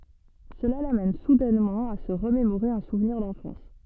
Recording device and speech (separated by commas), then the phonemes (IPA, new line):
soft in-ear microphone, read sentence
səla lamɛn sudɛnmɑ̃ a sə ʁəmemoʁe œ̃ suvniʁ dɑ̃fɑ̃s